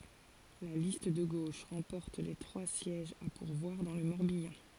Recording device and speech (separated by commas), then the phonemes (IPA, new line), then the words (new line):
forehead accelerometer, read sentence
la list də ɡoʃ ʁɑ̃pɔʁt le tʁwa sjɛʒz a puʁvwaʁ dɑ̃ lə mɔʁbjɑ̃
La liste de gauche remporte les trois sièges à pourvoir dans le Morbihan.